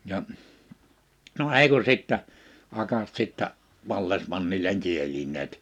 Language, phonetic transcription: Finnish, ja , no 'èi kun̬ 'sìttä , 'akat sittä , 'vallesmannileŋ 'kieliǹeet .
- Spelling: ja no ei kun sitten akat sitten vallesmannille kielineet

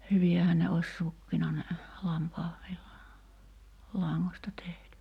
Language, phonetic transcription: Finnish, 'hyvi₍ähän ne oś 'sukkina ne , 'lampaavvilla- , '-laŋŋośta (tehty) .
- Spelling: hyviähän ne olisi sukkina ne - lampaanvillalangasta tehty

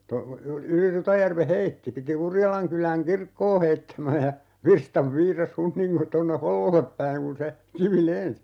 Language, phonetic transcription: Finnish, to- , 'yli "Rutajärve 'heitti 'piti 'Urjalaŋkyläŋ "kirkkoo 'heittämä ja , 'virstav 'viiras "Hunniŋko - 'tonne "Hollollep päiŋ kun̬ se , 'kivi "lens(i) .
- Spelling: - yli Rutajärven heitti piti Urjalankylän kirkkoa heittämän ja virstan viirasi - tuonne Hollolle päin kun se kivi lensi

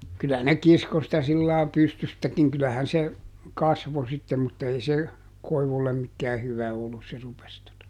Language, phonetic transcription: Finnish, kylä ne ˈkisko sitä sillaa ˈpystystäkiŋ ˈkylähän se , ˈkasvo sittem mutta ˈei se , ˈkoivullem mikkää ˈhyvä ˈollus se rupes tota ,.
- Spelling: kyllä ne kiskoi sitä sillä lailla pystystäkin kyllähän se kasvoi sitten mutta ei se koivulle mikään hyvä ollut se rupesi tuota

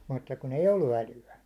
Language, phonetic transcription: Finnish, mutta kun ‿ei "ollu 'äly₍ä .
- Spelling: mutta kun ei ollut älyä

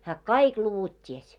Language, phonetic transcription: Finnish, hää "kaik 'luvut 't́ies .
- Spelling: hän kaikki luvut tiesi

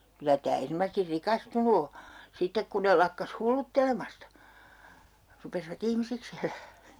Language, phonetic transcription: Finnish, 'kylä tää 'ernomasesti "rikastunu o , 'sittek kun ne lakkas "hulluttelemasta , 'rupesiva"t ‿ihmisiks ‿elää .
- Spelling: kyllä tämä erinomaisesti rikastunut on sitten kun ne lakkasi hulluttelemasta rupesivat ihmisiksi elämään

